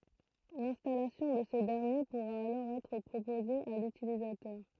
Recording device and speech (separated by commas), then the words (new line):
throat microphone, read sentence
L'installation de ce dernier pourra alors être proposée à l'utilisateur.